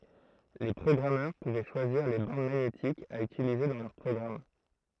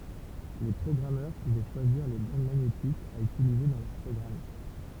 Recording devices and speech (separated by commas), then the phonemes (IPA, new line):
throat microphone, temple vibration pickup, read sentence
le pʁɔɡʁamœʁ puvɛ ʃwaziʁ le bɑ̃d maɲetikz a ytilize dɑ̃ lœʁ pʁɔɡʁam